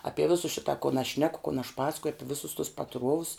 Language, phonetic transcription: Lithuanian, ˈapie ˈvisu ˈšita kun aš ˈšneku kun aš ˈpasakuju ˈapi ˈvisus tus paˈtruovus

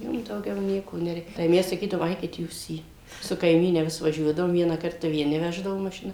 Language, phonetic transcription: Lithuanian, ˈjiem dauˈgiau ˈnieko neˈrei tai ˈmes saˈkydavom ˈaikit ˈjūs į su kaiˈmyne ˈvis vaˈžiuodavom ˈviena ˈkarta vieˈni ˈveždavo mašiˈna

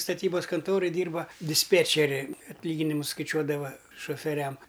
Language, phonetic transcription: Lithuanian, staˈtybas kanˈtoroj ˈdyrba disˈpėčeri atˈlyginimus skaiˈčiuodava šofeˈriam

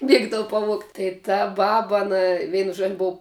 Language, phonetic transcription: Lithuanian, ˈmiegdavu paˈvuogt' tai ta ˈbaba aˈna ˈveinu žuo ˈbou

